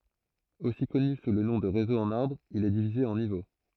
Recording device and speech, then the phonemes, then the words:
throat microphone, read sentence
osi kɔny su lə nɔ̃ də ʁezo ɑ̃n aʁbʁ il ɛ divize ɑ̃ nivo
Aussi connu sous le nom de Réseau en arbre, il est divisé en niveaux.

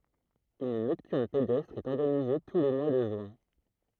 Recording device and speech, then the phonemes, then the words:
throat microphone, read sentence
yn nɔktyʁn pedɛstʁ ɛt ɔʁɡanize tu le mwa də ʒyɛ̃
Une Nocturne pédestre est organisée tous les mois de juin.

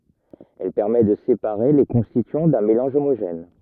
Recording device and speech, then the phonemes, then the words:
rigid in-ear microphone, read sentence
ɛl pɛʁmɛ də sepaʁe le kɔ̃stityɑ̃ dœ̃ melɑ̃ʒ omoʒɛn
Elle permet de séparer les constituants d'un mélange homogène.

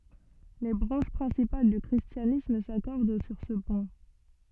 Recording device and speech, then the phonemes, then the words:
soft in-ear microphone, read sentence
le bʁɑ̃ʃ pʁɛ̃sipal dy kʁistjanism sakɔʁd syʁ sə pwɛ̃
Les branches principales du christianisme s'accordent sur ce point.

